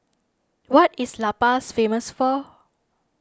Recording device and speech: standing microphone (AKG C214), read sentence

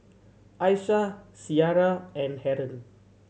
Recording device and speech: mobile phone (Samsung C7100), read sentence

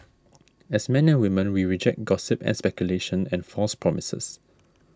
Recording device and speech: standing microphone (AKG C214), read sentence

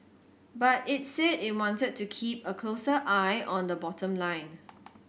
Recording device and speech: boundary microphone (BM630), read sentence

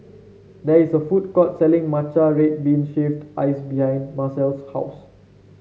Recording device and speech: mobile phone (Samsung C7), read sentence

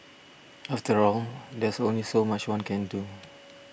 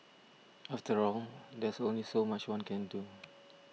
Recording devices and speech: boundary microphone (BM630), mobile phone (iPhone 6), read sentence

